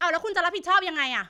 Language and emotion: Thai, angry